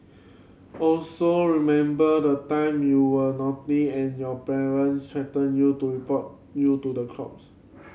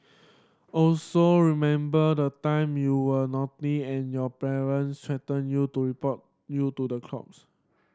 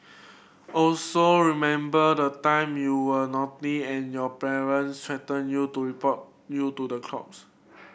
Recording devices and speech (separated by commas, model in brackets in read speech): mobile phone (Samsung C7100), standing microphone (AKG C214), boundary microphone (BM630), read sentence